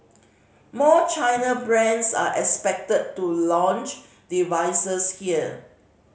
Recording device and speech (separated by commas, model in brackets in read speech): mobile phone (Samsung C5010), read sentence